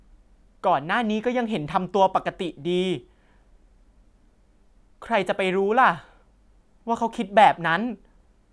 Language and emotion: Thai, frustrated